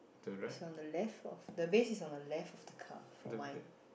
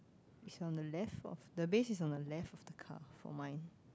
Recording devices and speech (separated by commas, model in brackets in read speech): boundary microphone, close-talking microphone, conversation in the same room